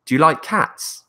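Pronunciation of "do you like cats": The voice rises on the last word, 'cats', in this yes-or-no question.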